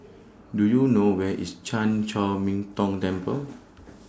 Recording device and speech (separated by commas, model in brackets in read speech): standing microphone (AKG C214), read sentence